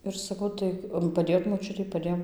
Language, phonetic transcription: Lithuanian, ir saˈkau tai paˈdėjot moˈčiutei paˈdėjom

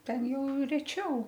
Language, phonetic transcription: Lithuanian, ˈten ˈjau reˈčiau

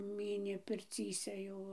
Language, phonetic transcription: Lithuanian, ˈmynė pirˈcyse ˈjau

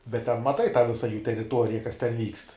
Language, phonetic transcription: Lithuanian, bet ten maˈtai tą visa jų teriˈtuorija kas ten ˈvykst

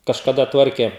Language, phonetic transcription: Lithuanian, kažkaˈda ˈtvarkė

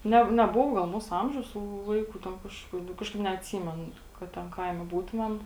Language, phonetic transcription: Lithuanian, ˈne neˈbuvo gal ˈmūsu ˈamžiaus tų ˈvaiku ten ˈkaž nu ˈkažkaip neatˈsymen kad ˈten ˈkaime ˈbūtumem

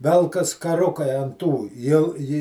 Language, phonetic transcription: Lithuanian, ˈvelkas kaˈrukai an ˈtų jau ˈji

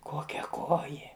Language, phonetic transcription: Lithuanian, ˈkokia ˈkojė

